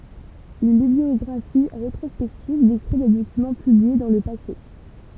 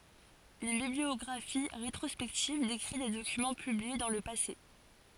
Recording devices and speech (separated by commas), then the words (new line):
temple vibration pickup, forehead accelerometer, read sentence
Une bibliographie rétrospective décrit des documents publiés dans le passé.